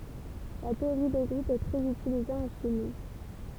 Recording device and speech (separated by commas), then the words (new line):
temple vibration pickup, read sentence
La théorie des groupes est très utilisée en chimie.